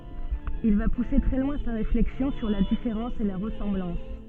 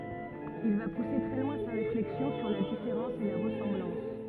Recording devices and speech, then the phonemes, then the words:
soft in-ear microphone, rigid in-ear microphone, read sentence
il va puse tʁɛ lwɛ̃ sa ʁeflɛksjɔ̃ syʁ la difeʁɑ̃s e la ʁəsɑ̃blɑ̃s
Il va pousser très loin sa réflexion sur la différence et la ressemblance.

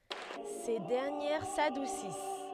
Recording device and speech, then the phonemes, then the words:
headset microphone, read sentence
se dɛʁnjɛʁ sadusis
Ces dernières s'adoucissent.

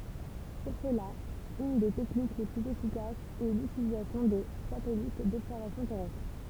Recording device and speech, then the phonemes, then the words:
temple vibration pickup, read sentence
puʁ səla yn de tɛknik le plyz efikasz ɛ lytilizasjɔ̃ də satɛlit dɔbsɛʁvasjɔ̃ tɛʁɛstʁ
Pour cela, une des techniques les plus efficaces est l'utilisation de satellites d'observation terrestre.

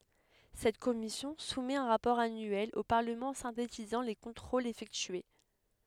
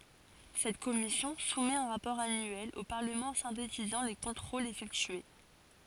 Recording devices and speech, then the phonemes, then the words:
headset microphone, forehead accelerometer, read sentence
sɛt kɔmisjɔ̃ sumɛt œ̃ ʁapɔʁ anyɛl o paʁləmɑ̃ sɛ̃tetizɑ̃ le kɔ̃tʁolz efɛktye
Cette commission soumet un rapport annuel au Parlement synthétisant les contrôles effectués.

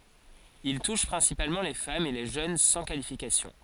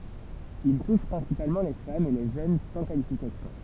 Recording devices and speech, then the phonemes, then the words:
forehead accelerometer, temple vibration pickup, read sentence
il tuʃ pʁɛ̃sipalmɑ̃ le famz e le ʒøn sɑ̃ kalifikasjɔ̃
Il touche principalement les femmes et les jeunes sans qualification.

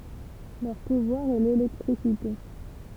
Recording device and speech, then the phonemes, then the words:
temple vibration pickup, read sentence
lœʁ puvwaʁ ɛ lelɛktʁisite
Leur pouvoir est l'électricité.

